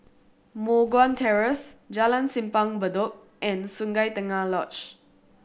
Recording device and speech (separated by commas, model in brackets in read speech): boundary microphone (BM630), read sentence